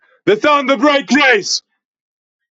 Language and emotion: English, surprised